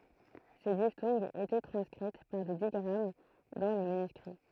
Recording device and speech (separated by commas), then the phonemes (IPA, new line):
throat microphone, read sentence
se diftɔ̃ɡz etɛ tʁɑ̃skʁit paʁ de diɡʁam dɑ̃ le manyskʁi